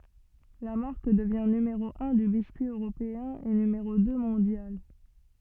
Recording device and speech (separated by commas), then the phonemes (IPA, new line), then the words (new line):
soft in-ear microphone, read sentence
la maʁk dəvjɛ̃ nymeʁo œ̃ dy biskyi øʁopeɛ̃ e nymeʁo dø mɔ̃djal
La marque devient numéro un du biscuit européen et numéro deux mondial.